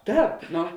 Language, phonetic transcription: Lithuanian, ˈtāp ˈno

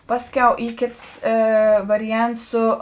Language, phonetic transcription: Lithuanian, ˈpasˌkiau ˈy ˈkėts ˈė ˈvariˌjants ˈsu

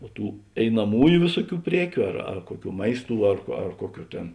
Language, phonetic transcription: Lithuanian, o ˈtų einaˈmųju ˈvėsuˌkių ˈpriekiu ar ar ˈkuoˌkių ˈmaisˌtų ar ko ar ˈkuoˌkių ˈtėn

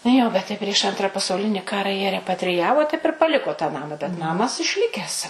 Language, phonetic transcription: Lithuanian, ˈjo bet ˈtai prieš ˈantra pasauˈlini ˈkara jie repatriˈjavo taip ir paˈliko tą ˈnama bet ˈnamas išˈlikes

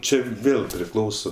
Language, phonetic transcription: Lithuanian, ˈčia ˈvėl priˈklauso

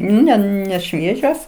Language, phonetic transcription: Lithuanian, ˈne neˈšviežios

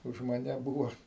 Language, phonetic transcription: Lithuanian, už maˈne ˈbūvo

